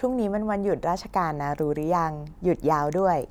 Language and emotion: Thai, neutral